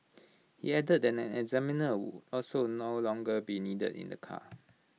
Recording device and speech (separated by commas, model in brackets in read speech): mobile phone (iPhone 6), read sentence